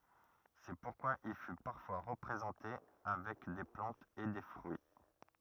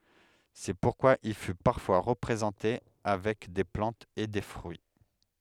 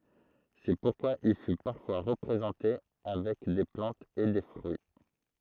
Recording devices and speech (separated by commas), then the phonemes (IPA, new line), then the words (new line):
rigid in-ear microphone, headset microphone, throat microphone, read sentence
sɛ puʁkwa il fy paʁfwa ʁəpʁezɑ̃te avɛk de plɑ̃tz e de fʁyi
C'est pourquoi il fut parfois représenté avec des plantes et des fruits.